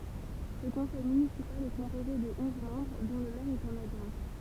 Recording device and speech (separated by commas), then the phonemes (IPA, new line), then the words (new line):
temple vibration pickup, read sentence
lə kɔ̃sɛj mynisipal ɛ kɔ̃poze də ɔ̃z mɑ̃bʁ dɔ̃ lə mɛʁ e œ̃n adʒwɛ̃
Le conseil municipal est composé de onze membres dont le maire et un adjoint.